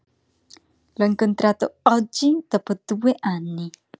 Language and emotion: Italian, disgusted